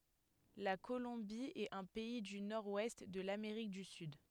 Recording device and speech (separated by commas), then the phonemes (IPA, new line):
headset microphone, read sentence
la kolɔ̃bi ɛt œ̃ pɛi dy nɔʁ wɛst də lameʁik dy syd